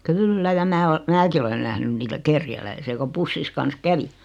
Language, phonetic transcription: Finnish, kyllä ja 'mää o- , "määki olen 'nähnyn niitä "kerjäläisi₍ä ko 'pussis kans "kävi .
- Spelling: kyllä ja minä - minäkin olen nähnyt niitä kerjäläisiä kun pussinsa kanssa kävi

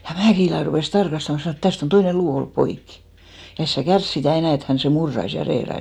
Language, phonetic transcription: Finnish, ja 'Mäkìlä rupès 'tarkastama , sanò et 'täst ‿on 'toine "luu ollup 'poikki , ja 'es sä "kärs sitä̀ 'enä̀ et 'hän sè 'murrais ja 'reerais .
- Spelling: ja Mäkilä rupesi tarkastamaan sanoi että tästä on toinen luu ollut poikki ja et sinä kärsi sitä enää että hän sen murtaisi ja reilaisi

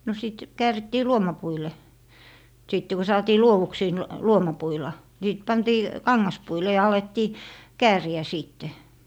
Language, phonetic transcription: Finnish, no 'sìt , 'käärittii "luomapuile , 'sìtte ko 'saatii "luowuksii n- , 'luomapuila , ni sit 'pantii , "kaŋŋaspuile ja 'alettii , "kääri₍ä 'sìtte .
- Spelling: no sitten käärittiin luomapuille sitten kun saatiin luoduksi - luomapuilla niin sitten pantiin kangaspuille ja alettiin kääriä sitten

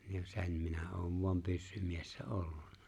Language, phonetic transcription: Finnish, ni (jo) "se̬n minä 'oov voam 'pyssymiessä '’olluɴɴᴀ .
- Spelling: niin jo sen minä olen vain pyssymies ollut

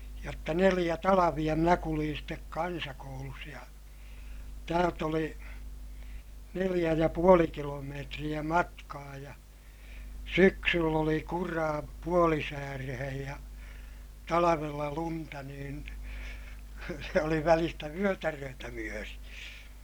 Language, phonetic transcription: Finnish, jotta neliʲä talaviʲa minä kuliin stek kansakoulus ja , täält ‿oli , neliʲä ja puoli kilomeetriʲä matkaa ja , syksyll ‿oli kuraa , puolisäärehej ja , talavella lunta niin , se oli välistä vyötäröötä myöri .
- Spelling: jotta neljä talvea minä kuljin sitten kansakoulussa ja täältä oli neljä ja puoli kilometriä matkaa ja syksyllä oli kuraa puolisääreen ja talvella lunta niin se oli välistä vyötäröitä myöten

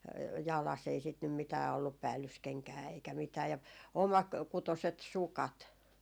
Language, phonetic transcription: Finnish, 'jalas's ‿ei sit nym 'mitää ollup 'päällyskeŋkää eikä 'mitää , ja , 'omakutoset "sukat .
- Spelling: jalassa ei sitä nyt mitään ollut päällyskenkää eikä mitään ja omakutoiset sukat

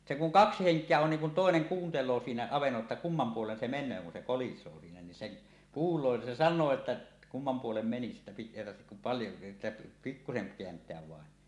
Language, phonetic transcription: Finnish, se kuŋ "kaksi 'heŋk̀eä on niiŋ kun "tòeneŋ 'kuuntel̀oo siinä 'avennolla ‿tta "kummam 'puolen se men̆nöö kun 'se 'kolis̀oo siinä niin 'sen , "kuul̀oo ni se "san̆noo 'että , 'kummam 'puolem meni sittᴀ̈ pik- èi tarhtek kum paljo , että , 'pikkuseŋ 'keänt̀eäv vàen .
- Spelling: se kun kaksi henkeä on niin kun toinen kuuntelee siinä avannolla jotta kumman puolen se menee kun se kolisee siinä niin sen kuulee niin se sanoo että kumman puolen meni sitten - ei tarvitse kuin paljon että pikkuisen kääntää vain

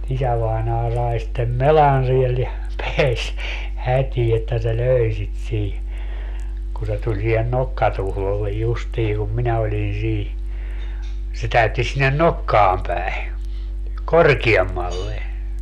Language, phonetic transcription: Finnish, 'isävainaa 'sai sittem "melan siel ja , 'peäs , 'hät́ii että se "lö̀i̮ sit sii , ku se 'tuĺ siihen "nokkatuhlollej justii kum 'minä oĺin 'sii , se 'täytti sinnen "nokkaam päi̮ , "korkiemmalle .
- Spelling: isävainaja sai sitten melan siellä ja pääsi hätiin että se löi sitä siinä kun se tuli siihen nokkatuhdolle justiin kun minä olin siinä se täytti sinne nokkaan päin korkeammalle

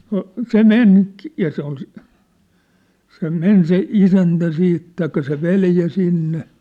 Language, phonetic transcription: Finnish, no , 'se "men , ja se ‿ol si- , se 'men se 'isäntä 'siit , taikka se 'veljä 'sinne .
- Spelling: no se meni ja se oli - se meni se isäntä sitten tai se veli sinne

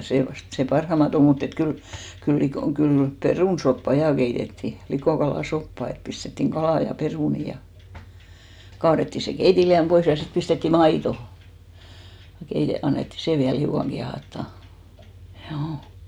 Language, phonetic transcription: Finnish, 'sè vast , 'sè "parhama't ‿om mut ‿et 'kyl , kyl 'likò- , kyl , "perùnsoppa 'jà keitettì , 'likòkalà'soppa et pistettiŋ "ɢalà ja "perùni ja , 'kaarettì se 'keitiliäm 'pois ja 'sit pistettì "maito , (ja) keite- , annetti 'sè viäl 'hiukaŋ ɢiahahtà , hjuu .
- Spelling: se vasta se parhainta on mutta että kyllä kyllä - kyllä perunasoppaa ja keitettiin likokalasoppaa että pistettiin kalaa ja perunoita ja kaadettiin se keitinliemi pois ja sitten pistettiin maitoa ja - annettiin sen vielä hiukan kiehahtaa juu

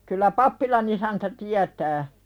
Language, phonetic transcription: Finnish, kyllä "pappilan ‿isäntä 'tiätää .
- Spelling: kyllä pappilan isäntä tietää

